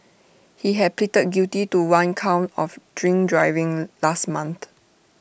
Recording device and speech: boundary microphone (BM630), read sentence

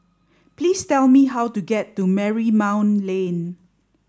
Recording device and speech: standing microphone (AKG C214), read sentence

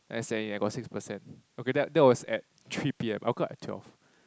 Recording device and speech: close-talking microphone, conversation in the same room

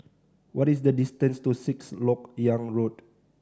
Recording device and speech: standing microphone (AKG C214), read sentence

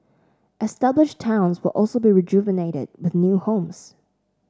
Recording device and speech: standing microphone (AKG C214), read sentence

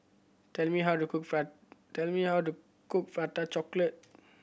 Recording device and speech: boundary microphone (BM630), read sentence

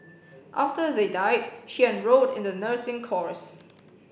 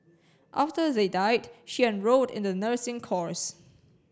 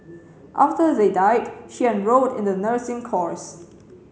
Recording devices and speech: boundary microphone (BM630), standing microphone (AKG C214), mobile phone (Samsung C7), read sentence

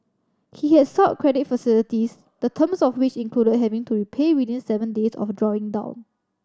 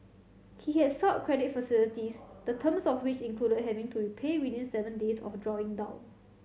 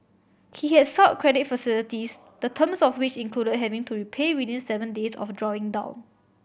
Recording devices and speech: standing microphone (AKG C214), mobile phone (Samsung C7100), boundary microphone (BM630), read sentence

